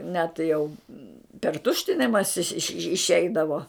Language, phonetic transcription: Lithuanian, ne tai jau per ˈtuštinimasi iš iš išˈeidavo

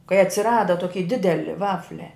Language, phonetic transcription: Lithuanian, kai atsiˈrada ˈtoki ˈdideli ˈvaflia

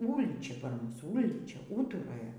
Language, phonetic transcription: Lithuanian, ˈūlyčia par ˈmus ˈūlyčia ˈūturoja

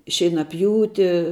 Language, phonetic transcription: Lithuanian, šeinaˈpjūti

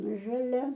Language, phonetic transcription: Lithuanian, žaˈlia

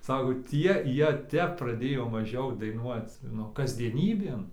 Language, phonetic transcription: Lithuanian, ˈsako ˈtie ˈjie ˈtep praˈdėjo maˈžiau daiˈnuoc ˈnu kasdieˈnybėn

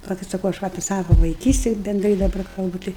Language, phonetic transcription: Lithuanian, paˈlaukit saˈkau aš ˈva apie ˈsavo vaiˈkysti bendˈrai daˈbar kalˈbu ˈtai

